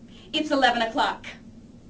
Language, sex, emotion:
English
female
angry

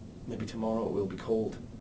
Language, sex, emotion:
English
male
neutral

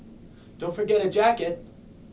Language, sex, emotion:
English
male
neutral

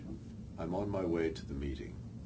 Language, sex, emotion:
English
male
neutral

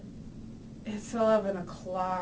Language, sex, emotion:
English
female
disgusted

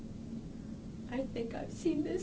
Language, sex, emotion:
English
female
sad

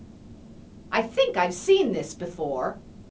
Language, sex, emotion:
English
female
neutral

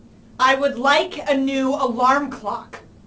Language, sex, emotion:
English
female
angry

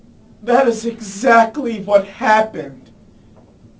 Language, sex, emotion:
English
male
sad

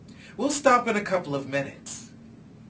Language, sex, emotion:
English
male
angry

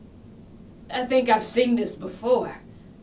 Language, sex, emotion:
English
female
disgusted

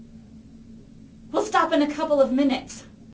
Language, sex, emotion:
English
female
angry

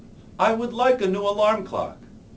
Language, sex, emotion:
English
male
neutral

